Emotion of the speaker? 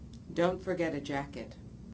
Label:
neutral